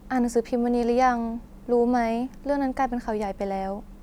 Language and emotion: Thai, neutral